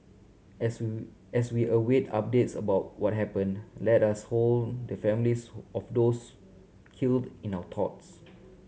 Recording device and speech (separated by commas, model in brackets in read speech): mobile phone (Samsung C7100), read sentence